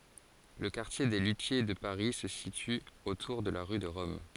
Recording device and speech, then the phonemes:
forehead accelerometer, read sentence
lə kaʁtje de lytje də paʁi sə sity otuʁ də la ʁy də ʁɔm

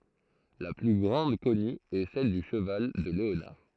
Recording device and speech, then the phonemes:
throat microphone, read sentence
la ply ɡʁɑ̃d kɔny ɛ sɛl dy ʃəval də leonaʁ

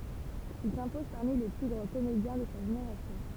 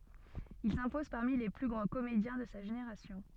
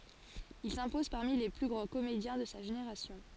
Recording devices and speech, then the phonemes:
temple vibration pickup, soft in-ear microphone, forehead accelerometer, read sentence
il sɛ̃pɔz paʁmi le ply ɡʁɑ̃ komedjɛ̃ də sa ʒeneʁasjɔ̃

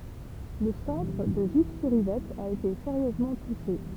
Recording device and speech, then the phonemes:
temple vibration pickup, read sentence
lə sɑ̃tʁ də ʒifsyʁivɛt a ete seʁjøzmɑ̃ tuʃe

